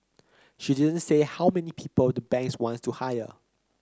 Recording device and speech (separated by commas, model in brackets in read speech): close-talking microphone (WH30), read sentence